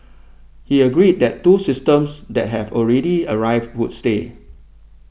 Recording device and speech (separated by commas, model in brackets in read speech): boundary microphone (BM630), read sentence